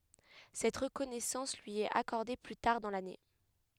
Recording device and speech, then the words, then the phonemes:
headset microphone, read sentence
Cette reconnaissance lui est accordée plus tard dans l'année.
sɛt ʁəkɔnɛsɑ̃s lyi ɛt akɔʁde ply taʁ dɑ̃ lane

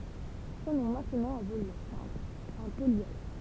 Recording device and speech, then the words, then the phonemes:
temple vibration pickup, read sentence
Prenons maintenant un volume simple, un polyèdre.
pʁənɔ̃ mɛ̃tnɑ̃ œ̃ volym sɛ̃pl œ̃ poljɛdʁ

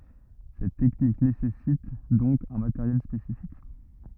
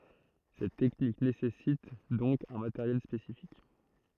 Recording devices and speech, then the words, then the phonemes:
rigid in-ear microphone, throat microphone, read sentence
Cette technique nécessite donc un matériel spécifique.
sɛt tɛknik nesɛsit dɔ̃k œ̃ mateʁjɛl spesifik

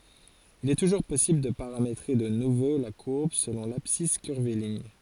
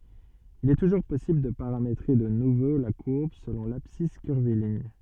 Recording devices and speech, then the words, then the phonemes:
forehead accelerometer, soft in-ear microphone, read sentence
Il est toujours possible de paramétrer de nouveau la courbe selon l'abscisse curviligne.
il ɛ tuʒuʁ pɔsibl də paʁametʁe də nuvo la kuʁb səlɔ̃ labsis kyʁviliɲ

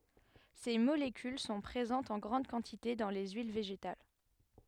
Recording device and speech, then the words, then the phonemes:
headset microphone, read sentence
Ces molécules sont présentes en grande quantité dans les huiles végétales.
se molekyl sɔ̃ pʁezɑ̃tz ɑ̃ ɡʁɑ̃d kɑ̃tite dɑ̃ le yil veʒetal

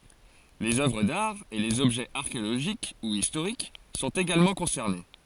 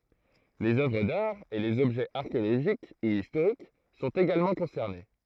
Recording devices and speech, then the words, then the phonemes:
forehead accelerometer, throat microphone, read sentence
Les œuvres d'art et les objets archéologiques ou historiques sont également concernés.
lez œvʁ daʁ e lez ɔbʒɛz aʁkeoloʒik u istoʁik sɔ̃t eɡalmɑ̃ kɔ̃sɛʁne

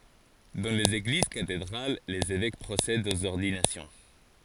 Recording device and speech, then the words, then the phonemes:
forehead accelerometer, read sentence
Dans les églises cathédrales, les évêques procèdent aux ordinations.
dɑ̃ lez eɡliz katedʁal lez evɛk pʁosɛdt oz ɔʁdinasjɔ̃

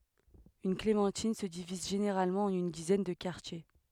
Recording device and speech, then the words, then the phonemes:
headset microphone, read sentence
Une clémentine se divise généralement en une dizaine de quartiers.
yn klemɑ̃tin sə diviz ʒeneʁalmɑ̃ ɑ̃n yn dizɛn də kaʁtje

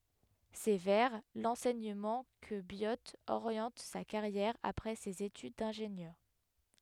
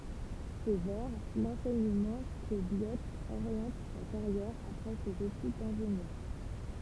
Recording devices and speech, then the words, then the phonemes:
headset microphone, temple vibration pickup, read sentence
C'est vers l'enseignement que Biot oriente sa carrière après ses études d'ingénieur.
sɛ vɛʁ lɑ̃sɛɲəmɑ̃ kə bjo oʁjɑ̃t sa kaʁjɛʁ apʁɛ sez etyd dɛ̃ʒenjœʁ

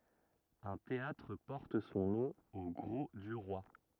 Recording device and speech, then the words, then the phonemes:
rigid in-ear microphone, read sentence
Un théâtre porte son nom au Grau-du-Roi.
œ̃ teatʁ pɔʁt sɔ̃ nɔ̃ o ɡʁo dy ʁwa

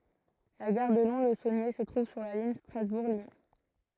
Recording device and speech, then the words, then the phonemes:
throat microphone, read sentence
La gare de Lons-le-Saunier se trouve sur la ligne Strasbourg - Lyon.
la ɡaʁ də lɔ̃slzonje sə tʁuv syʁ la liɲ stʁazbuʁ ljɔ̃

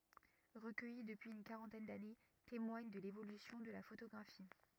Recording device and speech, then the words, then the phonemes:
rigid in-ear microphone, read sentence
Recueillis depuis une quarantaine d'années, témoignent de l'évolution de la photographie.
ʁəkœji dəpyiz yn kaʁɑ̃tɛn dane temwaɲ də levolysjɔ̃ də la fotoɡʁafi

